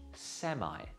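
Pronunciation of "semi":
'Semi' is pronounced the American English way, which sounds very different from the British pronunciation.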